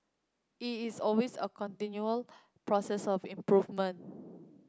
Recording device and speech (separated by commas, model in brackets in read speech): close-talking microphone (WH30), read sentence